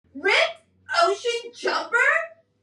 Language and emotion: English, disgusted